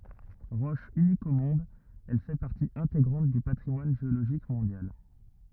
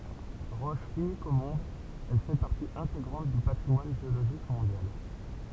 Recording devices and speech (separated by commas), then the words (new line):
rigid in-ear microphone, temple vibration pickup, read sentence
Roche unique au monde, elle fait partie intégrante du patrimoine géologique mondial.